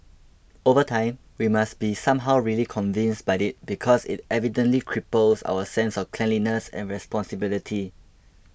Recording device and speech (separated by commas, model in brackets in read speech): boundary microphone (BM630), read sentence